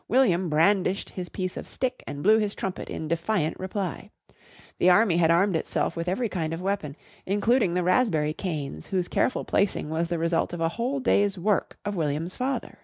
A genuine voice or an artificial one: genuine